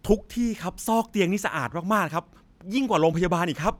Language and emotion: Thai, happy